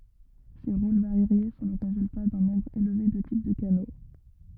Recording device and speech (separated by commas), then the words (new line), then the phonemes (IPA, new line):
rigid in-ear microphone, read sentence
Ces rôles variés sont le résultat d'un nombre élevé de types de canaux.
se ʁol vaʁje sɔ̃ lə ʁezylta dœ̃ nɔ̃bʁ elve də tip də kano